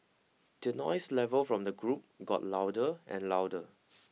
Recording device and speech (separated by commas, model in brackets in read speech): mobile phone (iPhone 6), read sentence